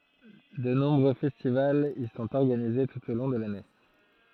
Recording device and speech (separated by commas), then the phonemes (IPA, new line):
throat microphone, read sentence
də nɔ̃bʁø fɛstivalz i sɔ̃t ɔʁɡanize tut o lɔ̃ də lane